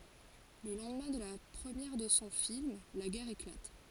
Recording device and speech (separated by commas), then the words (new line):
forehead accelerometer, read sentence
Le lendemain de la première de son film, la guerre éclate.